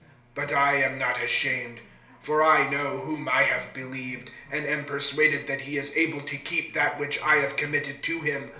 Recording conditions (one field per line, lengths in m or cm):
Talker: one person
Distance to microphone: 1.0 m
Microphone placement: close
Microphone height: 1.1 m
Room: small (3.7 m by 2.7 m)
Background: television